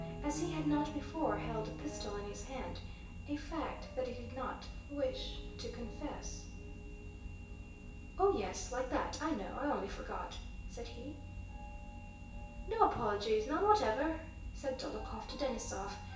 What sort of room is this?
A large room.